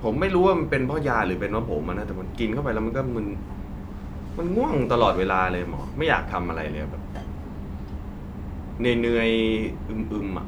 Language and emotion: Thai, frustrated